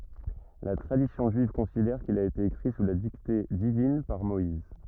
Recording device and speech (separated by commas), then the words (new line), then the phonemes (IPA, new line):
rigid in-ear microphone, read sentence
La tradition juive considère qu'il a été écrit sous la dictée divine par Moïse.
la tʁadisjɔ̃ ʒyiv kɔ̃sidɛʁ kil a ete ekʁi su la dikte divin paʁ mɔiz